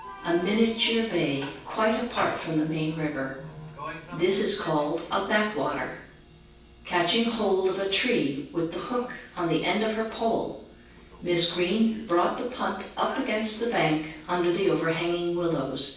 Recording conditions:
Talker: one person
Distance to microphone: 9.8 m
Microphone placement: far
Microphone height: 1.8 m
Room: large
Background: television

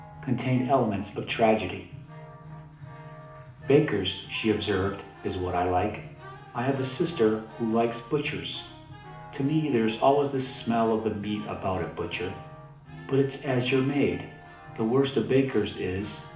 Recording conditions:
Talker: one person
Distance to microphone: 2.0 m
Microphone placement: close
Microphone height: 99 cm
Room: medium-sized (5.7 m by 4.0 m)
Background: music

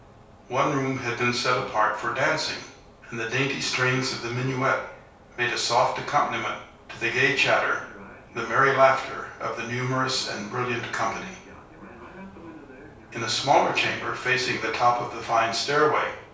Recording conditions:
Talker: one person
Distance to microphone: 3.0 m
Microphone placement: far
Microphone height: 1.8 m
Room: small (3.7 m by 2.7 m)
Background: television

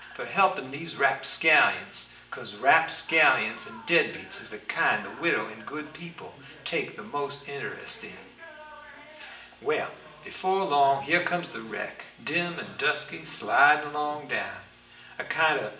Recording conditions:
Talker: one person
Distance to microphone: 1.8 m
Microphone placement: close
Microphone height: 1.0 m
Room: large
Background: television

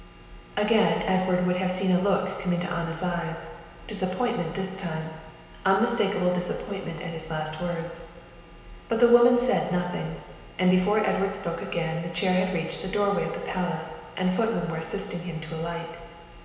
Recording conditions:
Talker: one person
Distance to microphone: 1.7 m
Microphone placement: close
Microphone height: 1.0 m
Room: very reverberant, large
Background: none

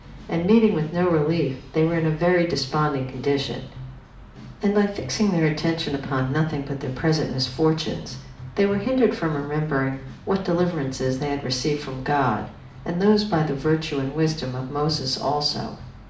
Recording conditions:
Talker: one person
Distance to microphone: 2.0 m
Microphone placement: close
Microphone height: 99 cm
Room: medium-sized (5.7 m by 4.0 m)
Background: music

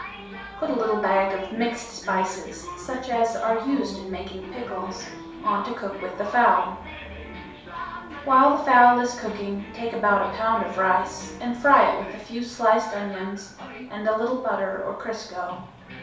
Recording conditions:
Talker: one person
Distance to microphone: 3.0 m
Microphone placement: far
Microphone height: 1.8 m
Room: small (3.7 m by 2.7 m)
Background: television

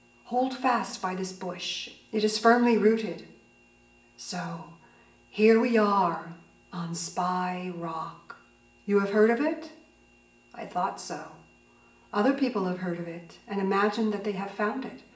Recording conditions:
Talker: one person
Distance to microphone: 1.8 m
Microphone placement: close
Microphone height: 1.0 m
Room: large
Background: none

